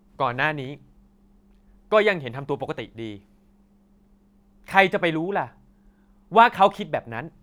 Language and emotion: Thai, angry